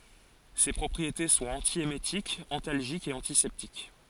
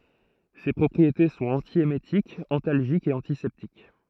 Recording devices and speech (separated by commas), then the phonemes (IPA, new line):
forehead accelerometer, throat microphone, read sentence
se pʁɔpʁiete sɔ̃t ɑ̃tjemetikz ɑ̃talʒikz e ɑ̃tisɛptik